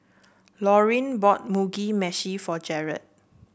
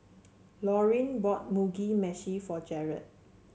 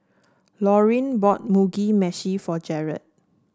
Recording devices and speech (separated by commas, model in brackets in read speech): boundary microphone (BM630), mobile phone (Samsung C7), standing microphone (AKG C214), read sentence